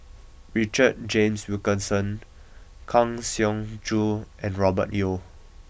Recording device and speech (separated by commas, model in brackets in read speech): boundary microphone (BM630), read sentence